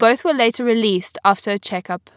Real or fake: real